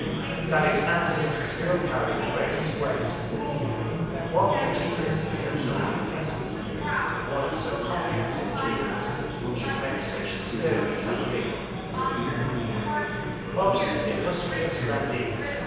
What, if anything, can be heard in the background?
Crowd babble.